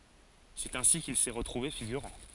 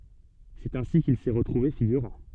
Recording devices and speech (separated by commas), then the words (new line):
forehead accelerometer, soft in-ear microphone, read sentence
C'est ainsi qu'il s'est retrouvé figurant.